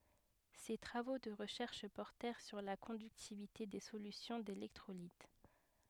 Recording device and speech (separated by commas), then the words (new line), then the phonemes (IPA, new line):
headset microphone, read sentence
Ses travaux de recherche portèrent sur la conductivité des solutions d’électrolytes.
se tʁavo də ʁəʃɛʁʃ pɔʁtɛʁ syʁ la kɔ̃dyktivite de solysjɔ̃ delɛktʁolit